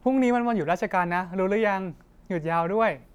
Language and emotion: Thai, happy